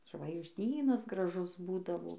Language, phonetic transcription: Lithuanian, žvaigžˈdynas graˈžus ˈbūdavo

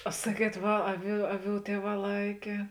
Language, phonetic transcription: Lithuanian, a ˈsaˌkiet ˈva ˈaˌvių ˈaˌvių ˈtieˌvā ˈlaikė

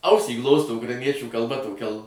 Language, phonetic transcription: Lithuanian, ˈausį ˈglosto ukraiˈniečių kalˈba toˈkia l

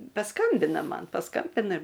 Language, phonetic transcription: Lithuanian, paˈskambina ˈman paˈskambina

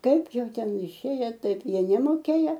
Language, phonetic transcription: Lithuanian, ˈkaip ˈjau ˈten iˈšėje ˈtaip ˈjie nemoˈkėja

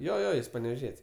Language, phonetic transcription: Lithuanian, ˈjo ˈjo ˈjis paneveˈžiet's'

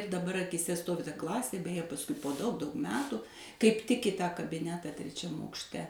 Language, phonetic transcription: Lithuanian, daˈbar akyˈse ˈstovi ta ˈklasė beje pasˈkui po daug daug ˈmetu kaip tik i ˈtą kabiˈnetą treˈčiam aukšˈte

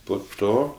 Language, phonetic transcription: Lithuanian, po ˈto

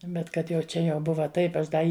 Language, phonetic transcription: Lithuanian, ˈbet ˈkad jau ˈčia jau ˈbuva ˈtaip ˈaš ˈda ˈi

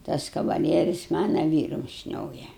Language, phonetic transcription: Lithuanian, ˈtas kavaˈlieris ˈmana ˈvyrum ˈšnioja

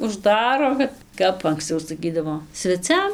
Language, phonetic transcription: Lithuanian, užˈdaro ˈkad ˈkap anksˈcau saˈkydavo sveˈciam

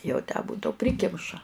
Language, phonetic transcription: Lithuanian, jau tę ˈbudau ˈprikimša

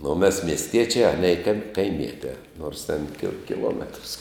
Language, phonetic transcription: Lithuanian, nu o mes miesˈtiečiā ˈanie kai kaimietiā nors ten ki kiˈlometrs

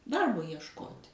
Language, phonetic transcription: Lithuanian, ˈdarbo iešˈkot'

